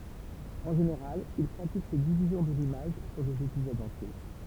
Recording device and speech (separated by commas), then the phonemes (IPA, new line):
temple vibration pickup, read sentence
ɑ̃ ʒeneʁal il pʁatik sɛt divizjɔ̃ də limaʒ syʁ dez epizodz ɑ̃tje